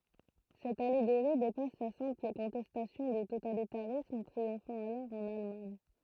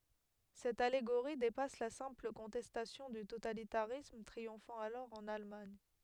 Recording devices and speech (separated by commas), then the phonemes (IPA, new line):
throat microphone, headset microphone, read sentence
sɛt aleɡoʁi depas la sɛ̃pl kɔ̃tɛstasjɔ̃ dy totalitaʁism tʁiɔ̃fɑ̃ alɔʁ ɑ̃n almaɲ